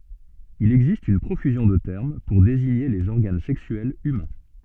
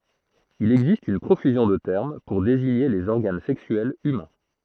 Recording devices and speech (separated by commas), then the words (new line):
soft in-ear microphone, throat microphone, read sentence
Il existe une profusion de termes pour désigner les organes sexuels humains.